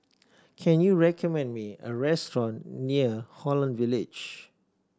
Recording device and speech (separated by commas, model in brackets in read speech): standing microphone (AKG C214), read sentence